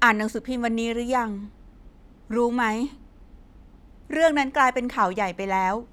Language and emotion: Thai, frustrated